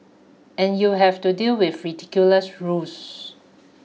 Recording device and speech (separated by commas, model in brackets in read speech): mobile phone (iPhone 6), read sentence